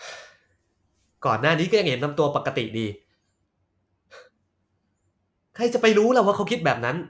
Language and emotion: Thai, frustrated